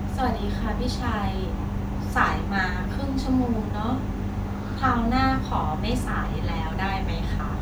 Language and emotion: Thai, neutral